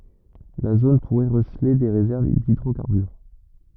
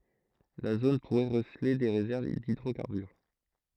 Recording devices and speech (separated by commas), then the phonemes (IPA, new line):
rigid in-ear microphone, throat microphone, read sentence
la zon puʁɛ ʁəsəle de ʁezɛʁv didʁokaʁbyʁ